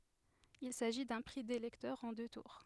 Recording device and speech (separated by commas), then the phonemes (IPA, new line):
headset microphone, read sentence
il saʒi dœ̃ pʁi de lɛktœʁz ɑ̃ dø tuʁ